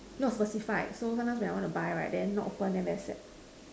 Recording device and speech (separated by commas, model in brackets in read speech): standing microphone, conversation in separate rooms